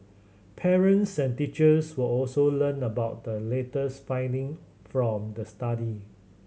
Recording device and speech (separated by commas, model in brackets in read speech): mobile phone (Samsung C7100), read sentence